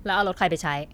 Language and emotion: Thai, frustrated